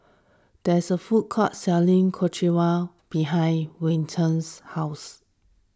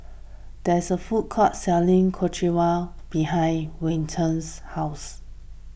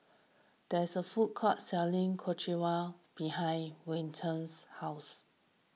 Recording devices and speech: standing microphone (AKG C214), boundary microphone (BM630), mobile phone (iPhone 6), read sentence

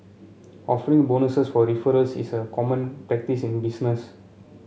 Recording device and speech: mobile phone (Samsung C7), read sentence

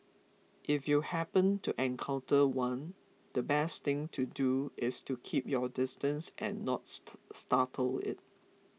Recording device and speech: mobile phone (iPhone 6), read sentence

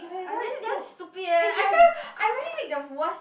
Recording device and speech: boundary microphone, conversation in the same room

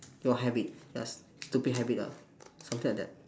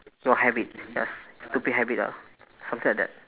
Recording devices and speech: standing microphone, telephone, conversation in separate rooms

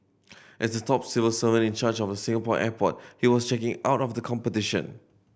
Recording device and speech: boundary microphone (BM630), read sentence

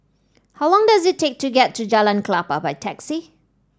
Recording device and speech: standing microphone (AKG C214), read sentence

